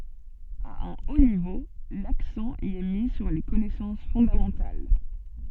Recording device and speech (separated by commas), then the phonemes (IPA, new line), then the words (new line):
soft in-ear microphone, read sentence
a œ̃ o nivo laksɑ̃ i ɛ mi syʁ le kɔnɛsɑ̃s fɔ̃damɑ̃tal
À un haut niveau, l'accent y est mis sur les connaissances fondamentales.